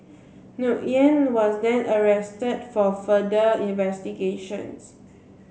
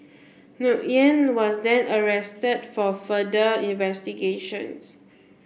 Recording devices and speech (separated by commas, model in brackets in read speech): mobile phone (Samsung C7), boundary microphone (BM630), read sentence